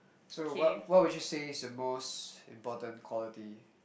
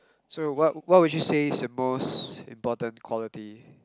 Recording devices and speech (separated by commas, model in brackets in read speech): boundary microphone, close-talking microphone, conversation in the same room